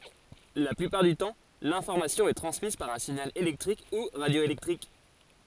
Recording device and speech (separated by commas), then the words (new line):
forehead accelerometer, read sentence
La plupart du temps, l'information est transmise par un signal électrique ou radioélectrique.